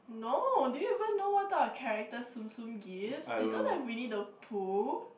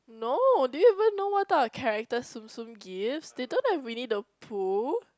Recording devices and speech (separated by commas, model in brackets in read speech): boundary microphone, close-talking microphone, conversation in the same room